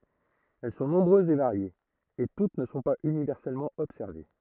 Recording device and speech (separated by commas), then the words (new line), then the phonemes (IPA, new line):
throat microphone, read sentence
Elles sont nombreuses et variées, et toutes ne sont pas universellement observées.
ɛl sɔ̃ nɔ̃bʁøzz e vaʁjez e tut nə sɔ̃ paz ynivɛʁsɛlmɑ̃ ɔbsɛʁve